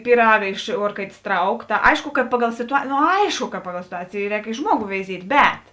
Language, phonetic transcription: Lithuanian, pyˈraga iš ˈuorkaitės ˈtrauk ta ˈaišku kad ˈpaˌgal situa no ˈaišku ka ˈpaˌgal situˈacėjė ˈrēk i ˈžmuogu veiˈziet' ˈbet

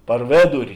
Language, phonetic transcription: Lithuanian, par ˈvėduri

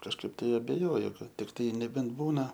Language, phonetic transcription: Lithuanian, kažˈkaip ˈtai abeˈjoju ˈkad tikˈtai neˈbent ˈbūna

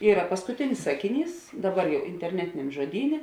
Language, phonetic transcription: Lithuanian, ˈyra paskuˈtinis ˈsakiˌnys ˈdaˌbar jau interˈnetiniam žoˈdynė

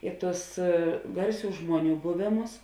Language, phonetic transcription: Lithuanian, ˈi ˌtus ˈgarˌsių ˈžmuoˌnių ˈbuvėˌmus

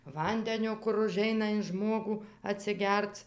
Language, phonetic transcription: Lithuanian, ˈvandenio kur uˈžeina in ˈžmogų atsiˈgerc

